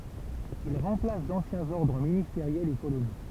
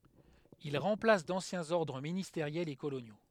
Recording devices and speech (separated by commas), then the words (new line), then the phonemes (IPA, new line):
temple vibration pickup, headset microphone, read sentence
Il remplace d'anciens ordres ministériels et coloniaux.
il ʁɑ̃plas dɑ̃sjɛ̃z ɔʁdʁ ministeʁjɛlz e kolonjo